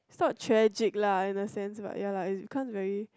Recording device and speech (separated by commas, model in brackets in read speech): close-talking microphone, conversation in the same room